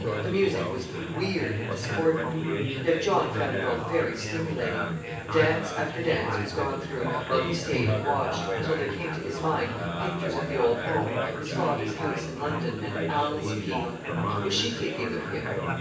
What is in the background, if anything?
Crowd babble.